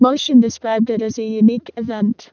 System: VC, vocoder